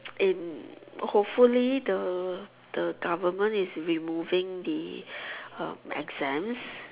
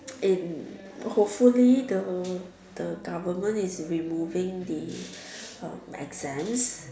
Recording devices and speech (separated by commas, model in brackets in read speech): telephone, standing microphone, conversation in separate rooms